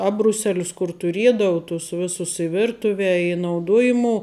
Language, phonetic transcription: Lithuanian, ˈabruˌselius kur tuˈriedau tus ˈvisus i ˈvirtuve i nauˈduojimuo

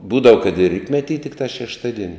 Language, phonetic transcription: Lithuanian, ˈbūdava kad ir ˈrytmetį tikˈtā šešˈtaˌdieni

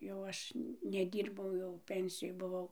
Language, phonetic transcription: Lithuanian, jau ˈaš neˈdyrbau jau ˈpensijoj buˈvau

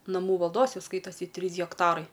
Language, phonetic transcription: Lithuanian, naˈmų valˈdos ˈjau ˈskaitosi ˈtrys hekˈtarai

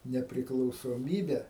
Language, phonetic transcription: Lithuanian, nepriklausoˈmybe

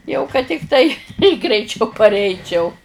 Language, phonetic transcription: Lithuanian, jau kad tikˈtai greiˈčiau parˈeičiau

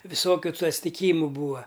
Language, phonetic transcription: Lithuanian, viˈsokiu tu atstiˈkymu ˈbūa

